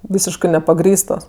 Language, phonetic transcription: Lithuanian, ˈvysiškɜ nepaˈgrįstos

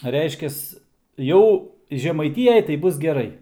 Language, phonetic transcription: Lithuanian, ˈreiškias ˈjau žemaiˈtyjaj tai ˈbus geˈrai

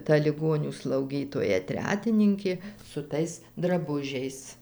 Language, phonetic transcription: Lithuanian, ta liˈgonių slauˈgytoja ˈtretininkė su ˈtais draˈbužiais

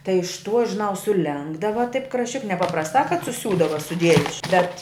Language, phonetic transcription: Lithuanian, tai iš tuo žiˈnau suˈlenkdava taip krašˈčik nepaprasˈtā kad suˈsiūdava suˈdiejus š ˈbet

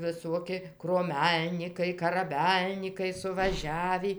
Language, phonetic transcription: Lithuanian, viˈsuoki kruoˈmelnykai karaˈbelnykai suvaˈžiavį

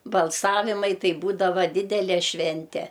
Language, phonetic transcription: Lithuanian, balˈsavimai ˈtai ˈbūdava ˈdidele ˈšvente

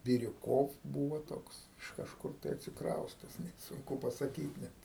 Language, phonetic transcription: Lithuanian, biriuˈkov ˈbūvo ˈtoks iš ˈkažkur tai atsikraustes net ˈsunku pasaˈkyt net

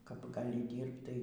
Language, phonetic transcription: Lithuanian, kap gaˈli ˈdyrbt tai

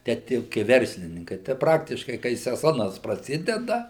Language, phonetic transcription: Lithuanian, ˈtę ˈtie jau kai ˈverslininkai tai ˈpraktiškai kai seˈzonas praˈsideda

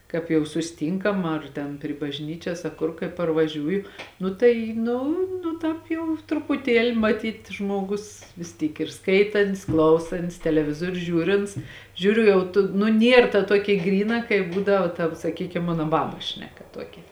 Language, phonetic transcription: Lithuanian, ˈkāp jau susiˈtynkam ar ˈten pri bažˈnyčias aˈ kur kai parvaˈžiūju ˈnu tai ˈnu nu ˈtāp jau trupuˈtieli maˈtyt' ˈžmuoˌgus vis ˈtyk ir ˈskaitan't's' ˈklausan't's' teleˈvizuoriu ˈžiūrints ˈžiūriu ˈjau tu nu ˈnier ta ˈtuokia ˈgryˌna kai ˈbūdava tav saˈkykim ˈmano ˈbabas ˈšneˌka ˈtuokia

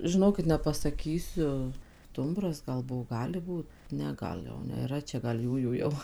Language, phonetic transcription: Lithuanian, žiˈnokit nepasaˈkysiu ˈstumbras gal ˈbuvo ˈgali ˈbūt ˈne ˈgal jau nėˈra ˈčia gal ˈjųjų jau

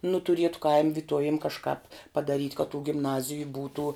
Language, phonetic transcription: Lithuanian, nu tuˈrietu kaim' viˈtuovim kažˈkāp padaˈryt' ka tų gimˈnaziju ˈbūtų

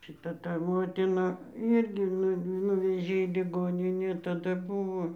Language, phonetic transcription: Lithuanian, šiˈta ta ˈmotina ˈyrgi ˈnu ˈnuvežė į liˈgoninė taˈda ˈbuvo

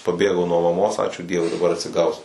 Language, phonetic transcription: Lithuanian, paˈbėgau nuo maˈmos ˈačiū ˈdievui daˈbar atsiˈgausiu

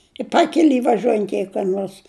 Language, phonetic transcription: Lithuanian, i ˈpakeli vaˈžiuojant jei ka ˈnuors

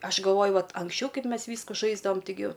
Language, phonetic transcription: Lithuanian, ˈaš galˈvoju ˈvat anksˈčiau ˈkaip ˈmes ˈvysku ˈžaisdavam ˈtigi

